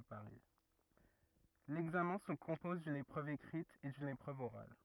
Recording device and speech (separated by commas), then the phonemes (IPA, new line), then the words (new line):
rigid in-ear microphone, read sentence
lɛɡzamɛ̃ sə kɔ̃pɔz dyn epʁøv ekʁit e dyn epʁøv oʁal
L'examen se compose d'une épreuve écrite et d'une épreuve orale.